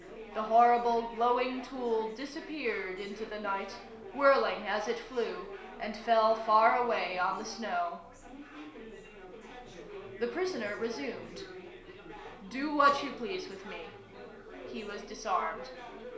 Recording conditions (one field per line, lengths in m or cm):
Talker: one person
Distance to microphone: 1.0 m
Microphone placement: close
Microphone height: 1.1 m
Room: small (3.7 m by 2.7 m)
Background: babble